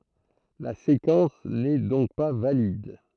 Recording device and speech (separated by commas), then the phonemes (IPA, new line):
throat microphone, read sentence
la sekɑ̃s nɛ dɔ̃k pa valid